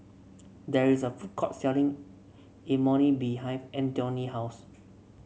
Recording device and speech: mobile phone (Samsung C7), read sentence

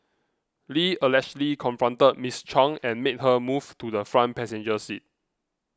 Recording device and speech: close-talking microphone (WH20), read sentence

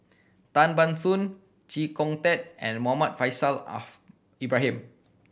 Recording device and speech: boundary microphone (BM630), read sentence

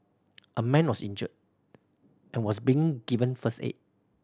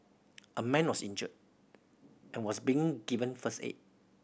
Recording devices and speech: standing microphone (AKG C214), boundary microphone (BM630), read sentence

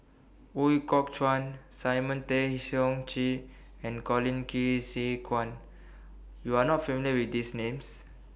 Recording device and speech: boundary microphone (BM630), read sentence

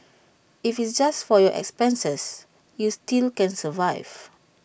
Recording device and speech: boundary microphone (BM630), read sentence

